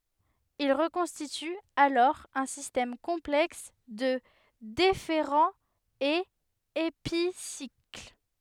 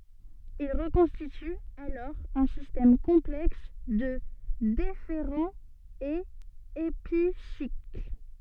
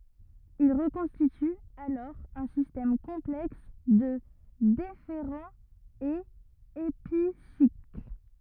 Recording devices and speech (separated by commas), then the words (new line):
headset microphone, soft in-ear microphone, rigid in-ear microphone, read sentence
Il reconstitue alors un système complexe de déférents et épicycles.